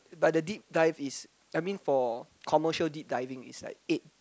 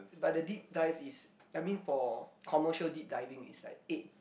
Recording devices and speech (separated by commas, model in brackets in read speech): close-talking microphone, boundary microphone, conversation in the same room